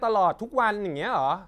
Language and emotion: Thai, frustrated